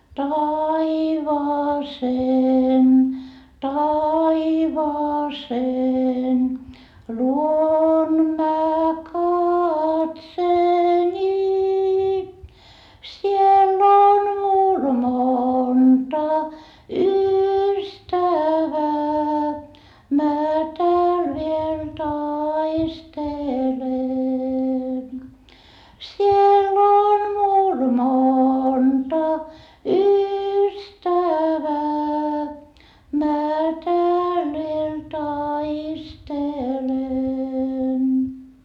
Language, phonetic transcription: Finnish, taivaaseen taivaaseen luon mä katseeni , siell ‿on mul monta ystävää mä tääl viel taistelen , siell ‿on mul monta ystävää mä tääl viel taistelen .
- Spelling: taivaaseen taivaaseen luon minä katseeni siellä on minulla monta ystävää minä täällä vielä taistelen siellä on minulla monta ystävää minä täällä vielä taistelen

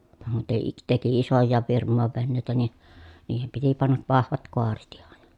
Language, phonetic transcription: Finnish, (muttèi-) teki isojjaav virm̆mòev vennèi̮tä ni , niihem piti pannav vahvat koaret ‿ihan .
- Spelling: - teki isojakin firmojen veneitä niin niihin piti panna vahvat kaaret ihan

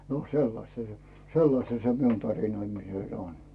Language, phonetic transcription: Finnish, no 'sellasta se , "sellasta se miun 'tarinoimiset ‿on .
- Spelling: no sellaista se sellaista se minun tarinoimiset on

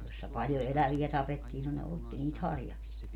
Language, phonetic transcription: Finnish, jossa 'paljo "elävi₍ä 'tapettii no ne 'otti niit "harjaks(ia) .
- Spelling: jossa paljon eläviä tapettiin no ne otti niitä harjaksia

